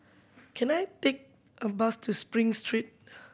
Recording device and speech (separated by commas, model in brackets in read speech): boundary microphone (BM630), read sentence